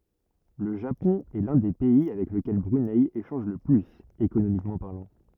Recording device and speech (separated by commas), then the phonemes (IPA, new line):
rigid in-ear microphone, read sentence
lə ʒapɔ̃ ɛ lœ̃ de pɛi avɛk ləkɛl bʁynɛ eʃɑ̃ʒ lə plyz ekonomikmɑ̃ paʁlɑ̃